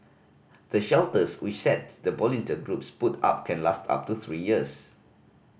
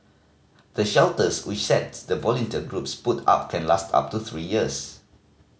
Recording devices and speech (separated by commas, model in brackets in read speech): boundary microphone (BM630), mobile phone (Samsung C5010), read sentence